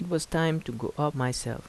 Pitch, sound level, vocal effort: 150 Hz, 80 dB SPL, soft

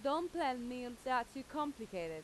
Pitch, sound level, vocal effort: 250 Hz, 91 dB SPL, very loud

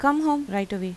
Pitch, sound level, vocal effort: 240 Hz, 87 dB SPL, normal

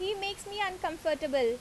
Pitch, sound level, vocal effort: 370 Hz, 88 dB SPL, loud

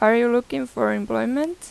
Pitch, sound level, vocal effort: 215 Hz, 88 dB SPL, normal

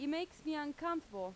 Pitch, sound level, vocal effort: 300 Hz, 90 dB SPL, very loud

